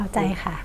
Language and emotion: Thai, neutral